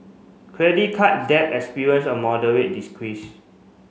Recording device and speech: mobile phone (Samsung C5), read sentence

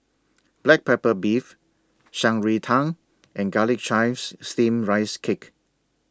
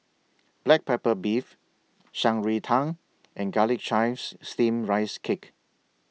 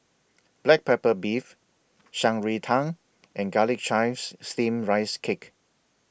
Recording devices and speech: standing microphone (AKG C214), mobile phone (iPhone 6), boundary microphone (BM630), read sentence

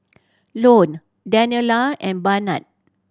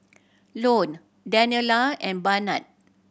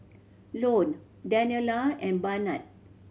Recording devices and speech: standing microphone (AKG C214), boundary microphone (BM630), mobile phone (Samsung C7100), read sentence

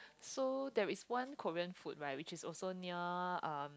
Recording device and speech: close-talking microphone, conversation in the same room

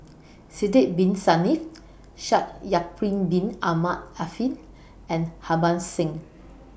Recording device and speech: boundary microphone (BM630), read sentence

